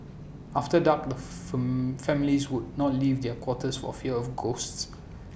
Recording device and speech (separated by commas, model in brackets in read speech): boundary microphone (BM630), read sentence